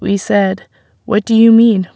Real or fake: real